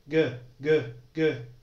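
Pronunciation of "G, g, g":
The hard g sound is said three times, and it is voiced.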